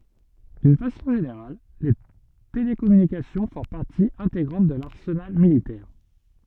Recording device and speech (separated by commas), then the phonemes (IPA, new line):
soft in-ear microphone, read sentence
dyn fasɔ̃ ʒeneʁal le telekɔmynikasjɔ̃ fɔ̃ paʁti ɛ̃teɡʁɑ̃t də laʁsənal militɛʁ